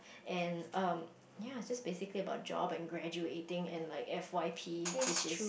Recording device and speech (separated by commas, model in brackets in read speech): boundary microphone, conversation in the same room